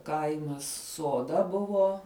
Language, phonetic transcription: Lithuanian, ˈkaimas soˈda ˈbuvo

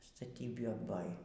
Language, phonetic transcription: Lithuanian, staˈtybi ˈboj

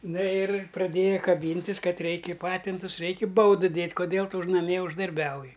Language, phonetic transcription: Lithuanian, ˈna ir praˈdėja kaˈbyntis ˈkad ˈreiki ˈpatintus ˈreiki ˈbaudɨ ˈdėt' koˈdėl ˈtu už naˈmie uždarˈbiauji

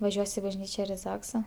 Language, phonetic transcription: Lithuanian, vaˈžiuos i bažˈnyčia ir i ˈzaksa

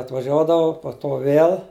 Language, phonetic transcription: Lithuanian, atvaˈžiuodavu po to ˈvėl

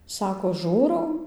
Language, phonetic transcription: Lithuanian, ˈsako ˈžūrau

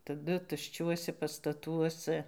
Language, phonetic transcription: Lithuanian, taˈdu tušˈčiuose pastaˈtuosa

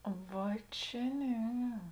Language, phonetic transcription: Lithuanian, ˈva čia ˈne

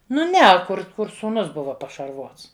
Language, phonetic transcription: Lithuanian, ˈnu ˈne kur ˈkur sūˈnus ˈbuva pašarˈvots

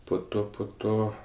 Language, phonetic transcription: Lithuanian, po ˈto po ˈto

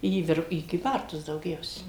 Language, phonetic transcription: Lithuanian, į ˈvir į kyˈbartus dauˈgiausia

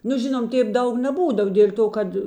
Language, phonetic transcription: Lithuanian, nu ˈžinom ˈtėp ˈdaug neˈbūdav dėl' ˈto ˈkad

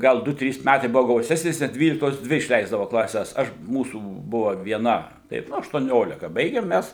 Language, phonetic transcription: Lithuanian, ˈgal ˈdu ˈtrys ˈmætai ˈbuvo gauˈsesnės net ˈdvyliktos ˈdvi išˈleisdavo klaˈses ˈaš ˈmūsų ˈbuva vieˈna ˈtaip ˈnu aštuoˈniolika ˈbaigem ˈmæs

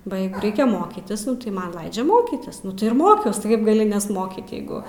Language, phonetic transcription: Lithuanian, ba ˈjeigu ˈreikiaˈ mokytis tai ˈman ˈlaidžia ˈmokytis nu tai ir ˈmokiaus ti ˈkaip gaˈli nesˈmokyt ˈjeigu

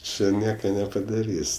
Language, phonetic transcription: Lithuanian, ˈči ˈnieka nepadaˈrys'

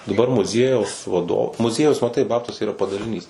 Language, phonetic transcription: Lithuanian, daˈbar muˈziejaus vaˈdo muˈziejaus maˈtai ˈbabtuose yˈra padaliˈnys

